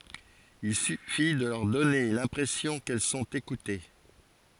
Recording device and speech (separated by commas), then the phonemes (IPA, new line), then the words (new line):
forehead accelerometer, read sentence
il syfi də lœʁ dɔne lɛ̃pʁɛsjɔ̃ kɛl sɔ̃t ekute
Il suffit de leur donner l’impression qu’elles sont écoutées.